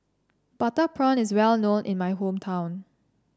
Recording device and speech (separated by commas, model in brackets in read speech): standing microphone (AKG C214), read sentence